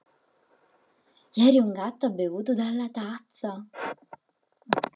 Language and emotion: Italian, surprised